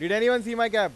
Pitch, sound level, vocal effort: 230 Hz, 102 dB SPL, very loud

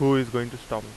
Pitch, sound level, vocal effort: 120 Hz, 89 dB SPL, normal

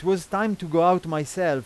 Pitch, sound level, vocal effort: 180 Hz, 94 dB SPL, loud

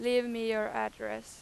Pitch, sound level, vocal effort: 215 Hz, 94 dB SPL, very loud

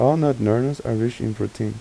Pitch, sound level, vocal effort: 115 Hz, 83 dB SPL, soft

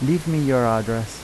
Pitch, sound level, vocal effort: 125 Hz, 85 dB SPL, normal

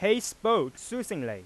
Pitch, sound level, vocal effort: 215 Hz, 98 dB SPL, very loud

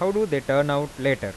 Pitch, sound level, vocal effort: 140 Hz, 92 dB SPL, normal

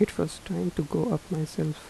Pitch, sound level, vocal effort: 175 Hz, 77 dB SPL, soft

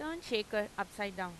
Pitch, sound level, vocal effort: 210 Hz, 91 dB SPL, normal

